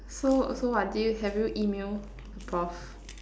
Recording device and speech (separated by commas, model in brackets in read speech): standing microphone, conversation in separate rooms